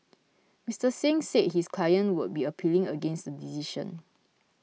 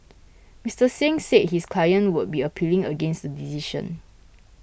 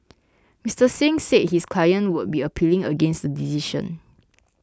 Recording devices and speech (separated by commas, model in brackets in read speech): mobile phone (iPhone 6), boundary microphone (BM630), close-talking microphone (WH20), read sentence